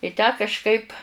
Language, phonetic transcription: Lithuanian, i ˈtę kažˈkaip

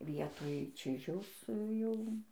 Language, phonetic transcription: Lithuanian, ˈvietoj ˈčižiaus ˈjau

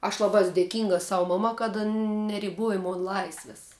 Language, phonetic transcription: Lithuanian, aš ˈlaba ˈes dėˈkinga ˈsau ˈmama kad ˈan neriˈboja ˈmon ˈlaisvis

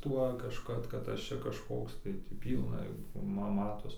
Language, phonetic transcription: Lithuanian, ˈtuo kažˈkad kad ˈaš čia kažˈkoks tai tį ˈpylna ˈma ˈmatos

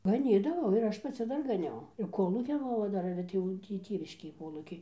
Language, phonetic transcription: Lithuanian, gaˈnydavau ir ˈaš paˈci ˈdar gaˈniau ir ˈkolūkin ˈova ˈdar ir atˈėjau ˈtį ˈtėviškėj ˈkolūkiai

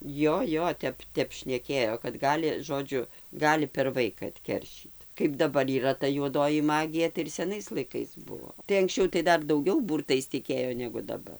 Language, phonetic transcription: Lithuanian, ˈjo ˈjo ˈtep ˈtep šneˈkėjo kad ˈgali ˈžodžiu ˈgali per ˈvaika atˈkeršyt kaip daˈbar yˈra ta juoˈdoji ˈmagija tai ir seˈnais laiˈkais ˈbuo tai anksˈčiau tai ˈdar dauˈgiau ˈbūrtais tiˈkėjo negu daˈbar

